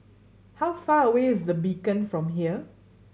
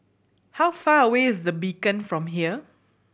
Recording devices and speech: mobile phone (Samsung C7100), boundary microphone (BM630), read sentence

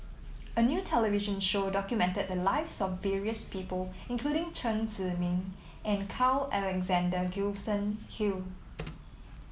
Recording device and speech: mobile phone (iPhone 7), read sentence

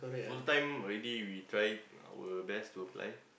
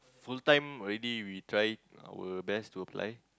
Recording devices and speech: boundary microphone, close-talking microphone, conversation in the same room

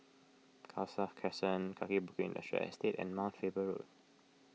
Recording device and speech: mobile phone (iPhone 6), read sentence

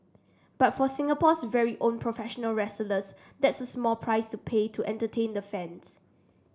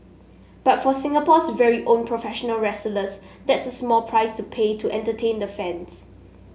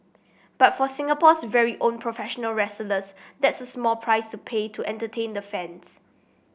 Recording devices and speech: standing microphone (AKG C214), mobile phone (Samsung S8), boundary microphone (BM630), read sentence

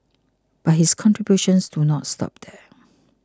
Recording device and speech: close-talking microphone (WH20), read sentence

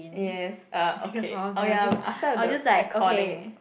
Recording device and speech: boundary microphone, conversation in the same room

